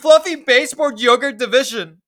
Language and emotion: English, disgusted